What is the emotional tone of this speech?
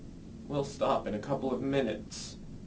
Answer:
sad